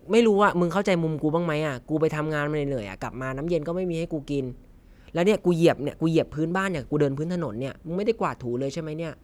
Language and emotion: Thai, frustrated